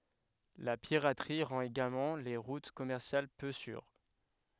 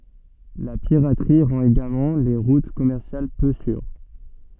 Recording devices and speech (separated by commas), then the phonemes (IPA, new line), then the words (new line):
headset microphone, soft in-ear microphone, read sentence
la piʁatʁi ʁɑ̃t eɡalmɑ̃ le ʁut kɔmɛʁsjal pø syʁ
La piraterie rend également les routes commerciales peu sûres.